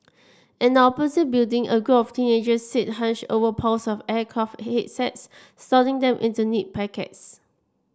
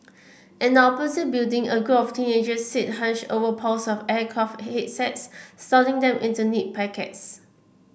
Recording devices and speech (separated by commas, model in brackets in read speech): standing microphone (AKG C214), boundary microphone (BM630), read sentence